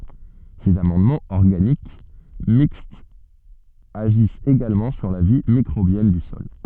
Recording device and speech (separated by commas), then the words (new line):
soft in-ear microphone, read sentence
Ces amendements organiques mixtes agissent également sur la vie microbienne du sol.